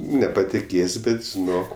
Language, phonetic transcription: Lithuanian, nepatiˈkės' ˈbet žiˈnok

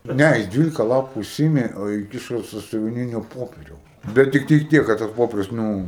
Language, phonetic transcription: Lithuanian, ˈne jis ˈdvylika ˈlapu iˈsyimė o iˈkišo sasiuviˈninio ˈpoperiaus ˈbet tikˈtai ˈtiek kad tas ˈpoperius ˈnū

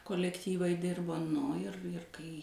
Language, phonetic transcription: Lithuanian, kolekˈtyvai ˈdirbo ˈnu ir ir kai

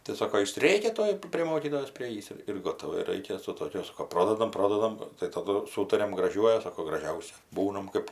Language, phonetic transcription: Lithuanian, tai ˈsoko ˈjis ˈrėkia ˈtuoj prė ˈmokytojos priˈėjįs ir ir ˈgotava ˈir ir ˈraikia su tokiu ˈsoko ˈprodadam ˈprodadam taˈdu ˈsūtariam graˈžiuoju ˈsako graˈžiausia ˈbūnam ˈkɜp

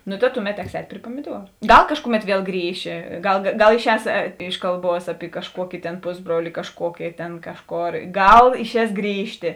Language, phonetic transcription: Lithuanian, nu ta ˈtuˌmet ˈteks ˈēt' pri puomiˈduoru ˈgal ˈkažkuˌmet ˈviel ˈgrįši ˈgal gal iˈšēs ˈiš kalˌbuos api kažˈkuoki tėn ˈpusˌbruoli kažˈkuoki ˈtėn ˈkažˌkor ˈgal išˈēs ˈgrįžtė

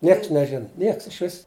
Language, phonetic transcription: Lithuanian, ˈnieks neˈžin ˈnieks išˈvis

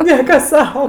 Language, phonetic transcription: Lithuanian, ˈnieka ˈsau

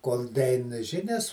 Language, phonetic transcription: Lithuanian, kol daˈein ˈžinias

